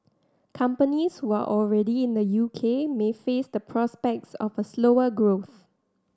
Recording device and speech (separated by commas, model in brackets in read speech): standing microphone (AKG C214), read sentence